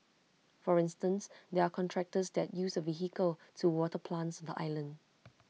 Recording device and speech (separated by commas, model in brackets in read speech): mobile phone (iPhone 6), read sentence